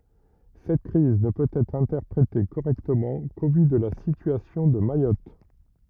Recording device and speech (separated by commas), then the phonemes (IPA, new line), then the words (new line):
rigid in-ear microphone, read sentence
sɛt kʁiz nə pøt ɛtʁ ɛ̃tɛʁpʁete koʁɛktəmɑ̃ ko vy də la sityasjɔ̃ də majɔt
Cette crise ne peut être interprétée correctement qu'au vu de la situation de Mayotte.